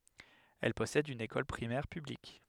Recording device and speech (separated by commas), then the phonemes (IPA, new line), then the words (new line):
headset microphone, read sentence
ɛl pɔsɛd yn ekɔl pʁimɛʁ pyblik
Elle possède une école primaire publique.